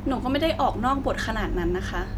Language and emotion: Thai, frustrated